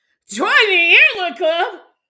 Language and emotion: English, happy